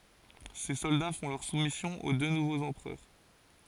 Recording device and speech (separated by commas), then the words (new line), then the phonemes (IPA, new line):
forehead accelerometer, read sentence
Ses soldats font leur soumission aux deux nouveaux empereurs.
se sɔlda fɔ̃ lœʁ sumisjɔ̃ o dø nuvoz ɑ̃pʁœʁ